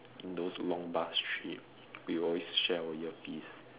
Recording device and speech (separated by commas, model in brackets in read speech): telephone, conversation in separate rooms